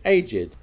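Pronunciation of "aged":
'Aged' is pronounced as the adjective is, not as the verb.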